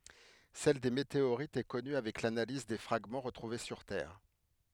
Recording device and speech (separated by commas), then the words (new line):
headset microphone, read sentence
Celle des météorites est connue avec l'analyse des fragments retrouvés sur Terre.